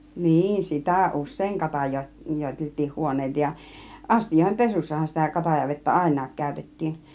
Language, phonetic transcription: Finnish, 'niin 'sitä̀ "us̆sèiŋ 'katajoi- , -'joitelt̆tiin 'huon̆nèita ja , 'astij̀òihem "pesussahan sitä 'katajavettä "àin̆naak 'kä̀ytet̀tiin .
- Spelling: niin sitä usein - katajoiteltiin huoneita ja astioiden pesussahan sitä katajavettä ainakin käytettiin

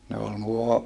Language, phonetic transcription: Finnish, ne ol nuo , .
- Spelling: ne oli nuo

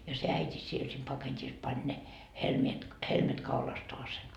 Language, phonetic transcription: Finnish, ja se 'äit́i 'siel sem paket́is 'pań ne , 'helmiet , 'helmet 'kaulastoasen .
- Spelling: ja se äiti siellä sen paketissa pani ne helmet helmet kaulastaan

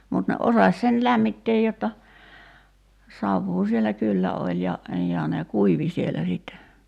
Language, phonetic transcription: Finnish, mut ne '’osaś sen 'lämmitteej jotta , 'savvuu sielä "kyllä oĺ ja , ja ne 'kuivi siellä sìtte .
- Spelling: mutta ne osasi sen lämmittää jotta savua siellä kyllä oli ja ja ne kuivui siellä sitten

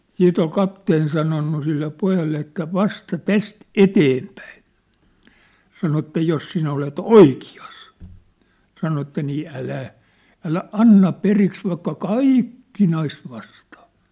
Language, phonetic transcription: Finnish, 'siit ‿ol 'kapteen sanonnu sille 'pojalle että » "vasta "täst "eteempäin̬ « , sano että » 'jos sinä olet "oiki₍as « , sano että » nii 'älä , "älä "anna "periks 'vaikka "kaìk kinais vastaa ! «
- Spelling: sitten oli kapteeni sanonut sille pojalle että vasta tästä eteenpäin sanoi että jos sinä olet oikeassa sanoi että niin älä älä anna periksi vaikka kaikki kinaisi vastaan

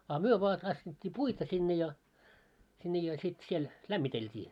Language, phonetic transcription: Finnish, a 'myö voa tassit́t́ii 'puita sinne ja , sinne ja sit siel , 'lämmitelt́ii .
- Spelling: a me vain tanssittiin puita sinne ja sinne ja sitten siellä lämmiteltiin

